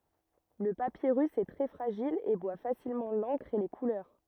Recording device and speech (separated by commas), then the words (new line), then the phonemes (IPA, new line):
rigid in-ear microphone, read sentence
Le papyrus est très fragile et boit facilement l'encre et les couleurs.
lə papiʁys ɛ tʁɛ fʁaʒil e bwa fasilmɑ̃ lɑ̃kʁ e le kulœʁ